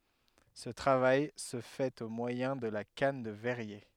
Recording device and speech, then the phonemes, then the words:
headset microphone, read sentence
sə tʁavaj sə fɛt o mwajɛ̃ də la kan də vɛʁje
Ce travail se fait au moyen de la canne de verrier.

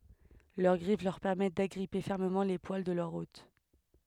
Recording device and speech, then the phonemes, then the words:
headset microphone, read sentence
lœʁ ɡʁif lœʁ pɛʁmɛt daɡʁipe fɛʁməmɑ̃ le pwal də lœʁ ot
Leur griffes leur permettent d'agripper fermement les poils de leur hôte.

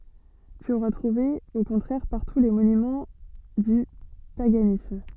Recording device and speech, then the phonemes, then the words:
soft in-ear microphone, read sentence
ty oʁa tʁuve o kɔ̃tʁɛʁ paʁtu le monymɑ̃ dy paɡanism
Tu auras trouvé au contraire partout les monuments du paganisme.

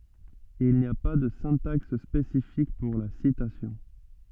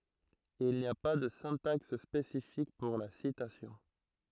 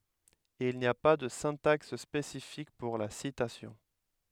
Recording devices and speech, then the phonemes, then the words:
soft in-ear microphone, throat microphone, headset microphone, read sentence
il ni a pa də sɛ̃taks spesifik puʁ la sitasjɔ̃
Il n'y a pas de syntaxe spécifique pour la citation.

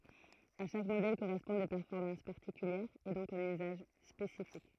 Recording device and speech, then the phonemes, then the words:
throat microphone, read sentence
a ʃak modɛl koʁɛspɔ̃d de pɛʁfɔʁmɑ̃s paʁtikyljɛʁz e dɔ̃k œ̃n yzaʒ spesifik
À chaque modèle correspondent des performances particulières et donc un usage spécifique.

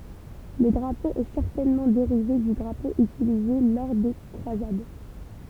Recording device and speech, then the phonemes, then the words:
temple vibration pickup, read sentence
lə dʁapo ɛ sɛʁtɛnmɑ̃ deʁive dy dʁapo ytilize lɔʁ de kʁwazad
Le drapeau est certainement dérivé du drapeau utilisé lors des croisades.

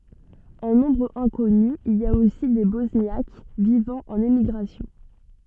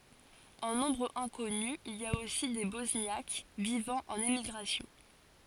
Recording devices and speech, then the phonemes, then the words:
soft in-ear microphone, forehead accelerometer, read sentence
ɑ̃ nɔ̃bʁ ɛ̃kɔny il i a osi de bɔsnjak vivɑ̃ ɑ̃n emiɡʁasjɔ̃
En nombre inconnu, il y a aussi des Bosniaques vivant en émigration.

